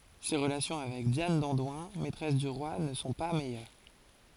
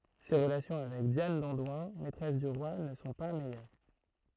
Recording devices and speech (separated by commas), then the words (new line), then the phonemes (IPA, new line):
forehead accelerometer, throat microphone, read sentence
Ses relations avec Diane d'Andoins, maîtresse du roi ne sont pas meilleures.
se ʁəlasjɔ̃ avɛk djan dɑ̃dwɛ̃ mɛtʁɛs dy ʁwa nə sɔ̃ pa mɛjœʁ